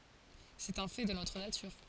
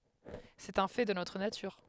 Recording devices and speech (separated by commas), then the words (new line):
forehead accelerometer, headset microphone, read sentence
C'est un fait de notre nature.